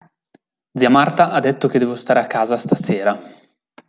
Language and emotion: Italian, neutral